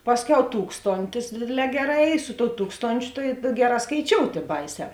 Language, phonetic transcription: Lithuanian, ˈpasˌkiau ˈtūkstontis ˈdėdėˌlē ˈgeˌrā ˈy su tou ˈtūkstončiu tai ˈgeˌrā skaiˈčiout' ˈy ˈbaiˌsē

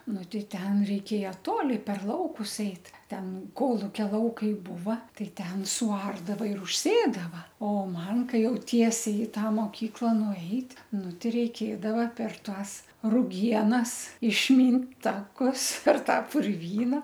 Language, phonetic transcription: Lithuanian, ˈnu ˈtei ˈten reiˈkėja ˈtoli per ˈlaukus ˈeit ˈten ˈkolukia ˈlaukai ˈbūva ˈtai ˈten suˈardava ir užˈsėdava o ˈman ˈkai ˈjau ˈtiesiai i ˈtą moˈkykla nuˈeit' ˈnu ˈti reiˈkėdava per ˈtąs ruˈgienas išˈmynt ˈtakus per ˈtą purˈvyna

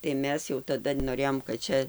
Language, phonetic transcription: Lithuanian, tai ˈmes jau taˈda noˈrėjom kad ˈčia

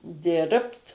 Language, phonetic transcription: Lithuanian, ˈdirbt

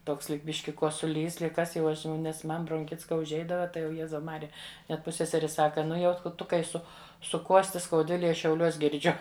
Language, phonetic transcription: Lithuanian, ˈtoks ˈlyg ˈbiški kosuˈlys ˈlyg ˈkas jau ˈaš jau nes ˈman bronˈchits ka užˈeidava ˈtai jau ˈjezau ˈmarija net ˈpusseseri ˈsaka ˈnu jau ˈtu kai ˈsu suˈkuosti skauˈdvilėj ˈaš šiauˈliuos girˈdžiu

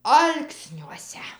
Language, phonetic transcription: Lithuanian, ˈalksniuose

